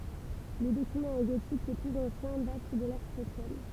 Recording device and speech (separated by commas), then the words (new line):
temple vibration pickup, read sentence
Les documents en gotique les plus anciens datent du de l'ère chrétienne.